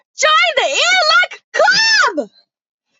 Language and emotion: English, surprised